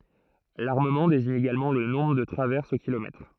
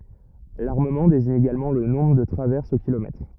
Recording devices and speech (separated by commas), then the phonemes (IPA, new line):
throat microphone, rigid in-ear microphone, read sentence
laʁməmɑ̃ deziɲ eɡalmɑ̃ lə nɔ̃bʁ də tʁavɛʁsz o kilomɛtʁ